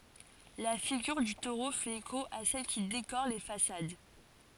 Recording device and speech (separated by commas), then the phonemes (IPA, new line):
forehead accelerometer, read sentence
la fiɡyʁ dy toʁo fɛt eko a sɛl ki dekoʁ le fasad